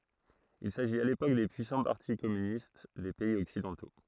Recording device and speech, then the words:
throat microphone, read sentence
Il s’agit à l’époque des puissants partis communistes des pays occidentaux.

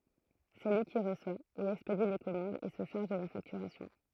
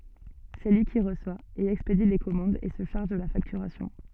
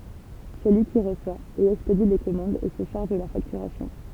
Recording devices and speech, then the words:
throat microphone, soft in-ear microphone, temple vibration pickup, read sentence
C'est lui qui reçoit et expédie les commandes et se charge de la facturation.

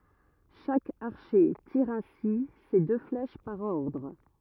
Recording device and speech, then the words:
rigid in-ear microphone, read sentence
Chaque archer tire ainsi ses deux flèches par ordre.

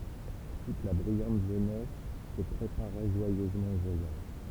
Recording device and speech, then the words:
temple vibration pickup, read sentence
Toute la brillante jeunesse se préparait joyeusement au voyage.

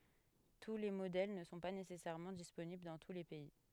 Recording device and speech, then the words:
headset microphone, read sentence
Tous les modèles ne sont pas nécessairement disponibles dans tous les pays.

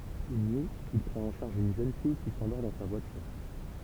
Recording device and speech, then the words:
temple vibration pickup, read sentence
Une nuit, il prend en charge une jeune fille qui s'endort dans sa voiture.

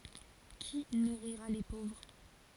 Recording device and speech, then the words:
forehead accelerometer, read sentence
Qui nourrira les pauvres?

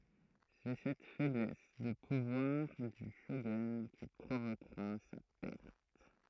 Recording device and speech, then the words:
throat microphone, read sentence
C'est cette faiblesse de pouvoir du shogun qui provoquera sa perte.

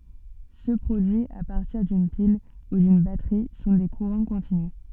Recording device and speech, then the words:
soft in-ear microphone, read sentence
Ceux produits à partir d'une pile ou d'une batterie sont des courants continus.

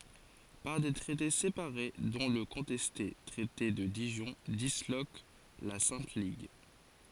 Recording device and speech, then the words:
forehead accelerometer, read sentence
Par des traités séparés, dont le contesté traité de Dijon, disloque la Sainte Ligue.

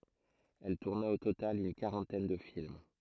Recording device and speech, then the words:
throat microphone, read sentence
Elle tourna au total une quarantaine de films.

